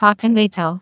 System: TTS, neural waveform model